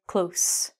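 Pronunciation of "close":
'Close' is said as the adjective, with a long S sound.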